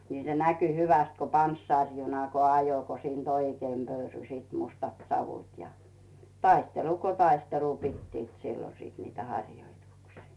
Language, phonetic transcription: Finnish, nì se 'näky hyväst ko 'panssàrjuna ko ajo ko siint "oikeim 'pöyrysiit 'mustat savut ja , 'taistelu ko 'taistelu pittiit 'siilo sìt niit 'haŕjoituksii .
- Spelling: niin se näkyi hyvästi kun panssarijuna kun ajoi kun siitä oikein pöyrysivät mustat savut ja taistelu kuin taistelu pitivät silloin sitten niitä harjoituksia

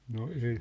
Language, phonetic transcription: Finnish, no 'ei ,.
- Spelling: no ei

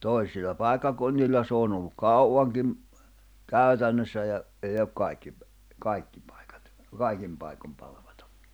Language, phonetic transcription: Finnish, 'toi̬silla 'pàekkakunnilla s ‿oon ‿olluk 'kauaŋkim , 'käy̬tännössä ja , ei ok kaikki , 'kaikki pᴀɪ̬kᴀt , 'kaikim paikom palaᴠᴀtᴀ .
- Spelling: toisilla paikkakunnilla se on ollut kauankin käytännössä ja ei ole kaikki kaikki paikat kaikin paikoin palvattu

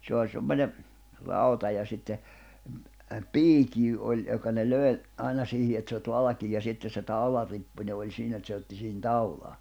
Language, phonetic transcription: Finnish, 'se oĺ 'semmońe , 'rauta ja sitte , m̥ , "piikiy oĺ , johka ne 'lö̀i̬ , '’ài̬na siihi et saeᵛᵃt 'valᵃkiij ja 'sitte se 'tàularippuńe oĺ 'siinä et se otti sihin 'taulaa .
- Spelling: se oli semmoinen rauta ja sitten - piikki oli johon ne löi aina siihen että saivat valkean ja sitten se taularippunen oli siinä että se otti siihen taulaan

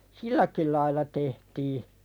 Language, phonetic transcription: Finnish, silläki lail̆la tehtii .
- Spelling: silläkin lailla tehtiin

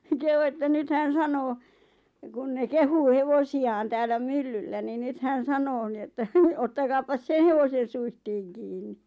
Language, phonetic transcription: Finnish, kehu että 'nyt hän 'sanoo , kun ne "kehuu "hevosi₍aan täällä 'myllyllä ni 'nyt hän̬ 'sanoo ni että , » 'ottakaapas "seⁿ hevosen̬ 'suihtiiŋ 'kiinni « .
- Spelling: kehui että nyt hän sanoo kun ne kehuu hevosiaan täällä myllyllä niin nyt hän sanoo niin että ottakaapas sen hevosen suitsiin kiinni

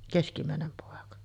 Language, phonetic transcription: Finnish, "keskimä̀enem 'pòeka .
- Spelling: keskimmäinen poika

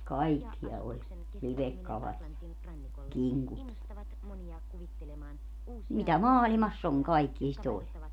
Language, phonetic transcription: Finnish, "kaikkia 'oĺ , 'livekkalat ja , "kiŋkut ja , 'mitä "maalimass ‿oŋ 'kaikkie si't ‿oĺ .
- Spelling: kaikkia oli livekalat ja kinkut ja mitä maailmassa on kaikkia sitä oli

